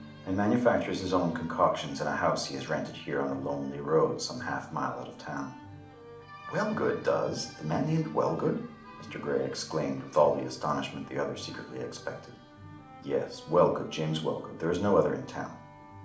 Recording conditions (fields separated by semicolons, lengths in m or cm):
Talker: one person; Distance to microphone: 2.0 m; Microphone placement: close; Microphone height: 99 cm; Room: medium-sized (5.7 m by 4.0 m); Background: music